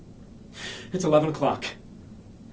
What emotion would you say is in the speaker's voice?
fearful